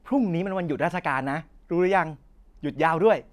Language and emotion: Thai, happy